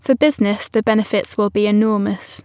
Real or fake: real